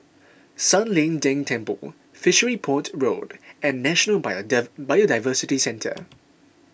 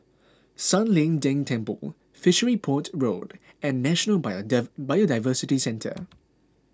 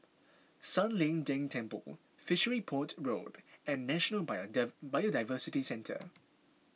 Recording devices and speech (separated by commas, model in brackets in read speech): boundary microphone (BM630), close-talking microphone (WH20), mobile phone (iPhone 6), read sentence